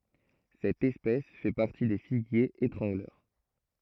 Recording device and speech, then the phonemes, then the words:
throat microphone, read sentence
sɛt ɛspɛs fɛ paʁti de fiɡjez etʁɑ̃ɡlœʁ
Cette espèce fait partie des figuiers étrangleurs.

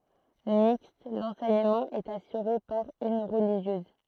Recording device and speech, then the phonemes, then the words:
throat microphone, read sentence
mikst lɑ̃sɛɲəmɑ̃ ɛt asyʁe paʁ yn ʁəliʒjøz
Mixte, l'enseignement est assuré par une religieuse.

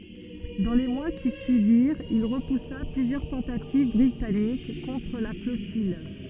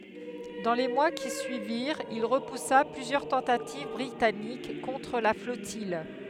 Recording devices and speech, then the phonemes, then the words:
soft in-ear microphone, headset microphone, read sentence
dɑ̃ le mwa ki syiviʁt il ʁəpusa plyzjœʁ tɑ̃tativ bʁitanik kɔ̃tʁ la flɔtij
Dans les mois qui suivirent, il repoussa plusieurs tentatives britanniques contre la flottille.

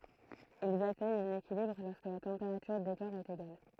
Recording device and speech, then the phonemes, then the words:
throat microphone, read sentence
ilz atɛɲt œ̃n ekilibʁ lɔʁskə la tɑ̃peʁatyʁ de kɔʁ ɛt eɡal
Ils atteignent un équilibre lorsque la température des corps est égale.

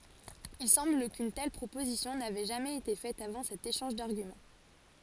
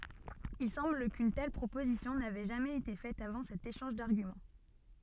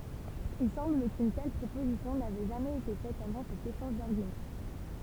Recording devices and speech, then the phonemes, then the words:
forehead accelerometer, soft in-ear microphone, temple vibration pickup, read sentence
il sɑ̃bl kyn tɛl pʁopozisjɔ̃ navɛ ʒamɛz ete fɛt avɑ̃ sɛt eʃɑ̃ʒ daʁɡymɑ̃
Il semble qu'une telle proposition n'avait jamais été faite avant cet échange d'arguments.

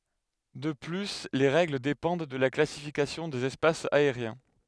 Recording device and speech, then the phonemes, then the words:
headset microphone, read sentence
də ply le ʁɛɡl depɑ̃d də la klasifikasjɔ̃ dez ɛspasz aeʁjɛ̃
De plus les règles dépendent de la classification des espaces aériens.

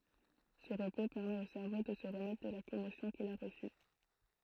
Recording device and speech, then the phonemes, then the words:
throat microphone, read sentence
sə ʁəpo pɛʁmɛt o sɛʁvo də sə ʁəmɛtʁ də la kɔmosjɔ̃ kil a ʁəsy
Ce repos permet au cerveau de se remettre de la commotion qu'il a reçue.

